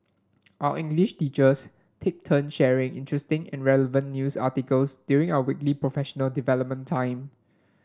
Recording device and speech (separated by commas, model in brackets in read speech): standing microphone (AKG C214), read sentence